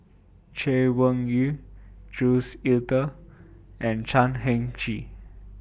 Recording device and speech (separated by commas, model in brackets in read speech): boundary microphone (BM630), read sentence